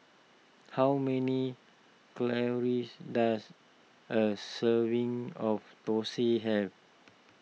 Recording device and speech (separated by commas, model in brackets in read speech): mobile phone (iPhone 6), read sentence